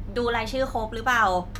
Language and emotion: Thai, frustrated